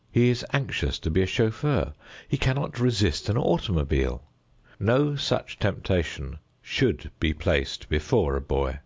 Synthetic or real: real